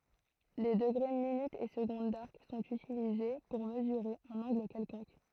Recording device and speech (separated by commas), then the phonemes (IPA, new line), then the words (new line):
throat microphone, read sentence
le dəɡʁe minytz e səɡɔ̃d daʁk sɔ̃t ytilize puʁ məzyʁe œ̃n ɑ̃ɡl kɛlkɔ̃k
Les degrés, minutes et secondes d'arc sont utilisés pour mesurer un angle quelconque.